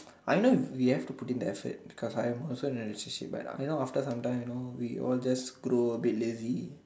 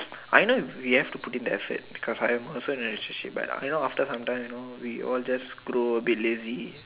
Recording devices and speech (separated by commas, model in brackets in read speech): standing microphone, telephone, conversation in separate rooms